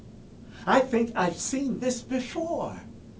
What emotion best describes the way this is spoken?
happy